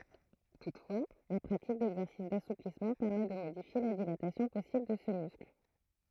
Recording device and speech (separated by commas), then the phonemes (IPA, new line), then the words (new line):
throat microphone, read sentence
tutfwa la pʁatik dɛɡzɛʁsis dasuplismɑ̃ pɛʁmɛ də modifje la dilatasjɔ̃ pɔsibl də sə myskl
Toutefois, la pratique d'exercices d'assouplissement permet de modifier la dilatation possible de ce muscle.